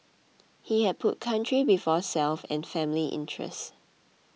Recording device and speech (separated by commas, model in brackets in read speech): mobile phone (iPhone 6), read sentence